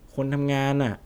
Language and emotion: Thai, frustrated